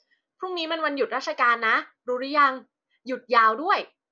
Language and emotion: Thai, happy